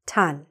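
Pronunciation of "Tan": The letters T-O-N are said on their own as a full word, not shortened to 'tin'.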